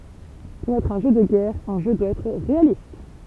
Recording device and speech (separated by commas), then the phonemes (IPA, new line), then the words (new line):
temple vibration pickup, read sentence
puʁ ɛtʁ œ̃ ʒø də ɡɛʁ œ̃ ʒø dwa ɛtʁ ʁealist
Pour être un jeu de guerre, un jeu doit être réaliste.